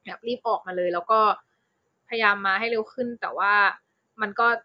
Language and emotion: Thai, neutral